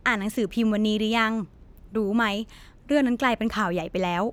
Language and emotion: Thai, neutral